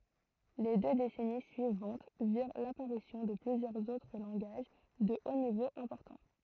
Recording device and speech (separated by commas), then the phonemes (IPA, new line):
throat microphone, read sentence
le dø desɛni syivɑ̃t viʁ lapaʁisjɔ̃ də plyzjœʁz otʁ lɑ̃ɡaʒ də o nivo ɛ̃pɔʁtɑ̃